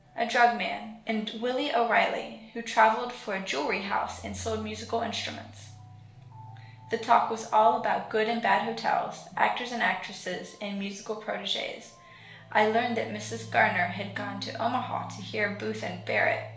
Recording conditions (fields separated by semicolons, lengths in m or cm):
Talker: one person; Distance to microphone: 1.0 m; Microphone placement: close; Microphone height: 1.1 m; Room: small (3.7 m by 2.7 m); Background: music